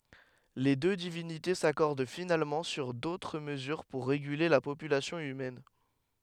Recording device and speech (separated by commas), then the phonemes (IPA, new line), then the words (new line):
headset microphone, read sentence
le dø divinite sakɔʁd finalmɑ̃ syʁ dotʁ məzyʁ puʁ ʁeɡyle la popylasjɔ̃ ymɛn
Les deux divinités s’accordent finalement sur d’autres mesures pour réguler la population humaine.